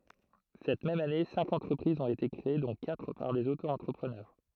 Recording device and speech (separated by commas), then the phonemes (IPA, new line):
throat microphone, read sentence
sɛt mɛm ane sɛ̃k ɑ̃tʁəpʁizz ɔ̃t ete kʁee dɔ̃ katʁ paʁ dez otoɑ̃tʁəpʁənœʁ